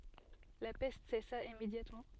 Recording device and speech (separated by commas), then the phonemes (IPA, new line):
soft in-ear microphone, read sentence
la pɛst sɛsa immedjatmɑ̃